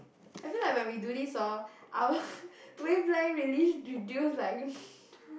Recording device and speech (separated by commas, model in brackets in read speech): boundary microphone, conversation in the same room